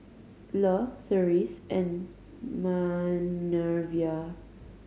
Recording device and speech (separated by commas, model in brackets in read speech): mobile phone (Samsung C5010), read sentence